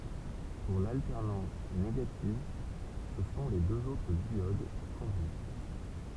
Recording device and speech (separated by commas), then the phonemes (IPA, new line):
temple vibration pickup, read sentence
puʁ laltɛʁnɑ̃s neɡativ sə sɔ̃ le døz otʁ djod ki kɔ̃dyiz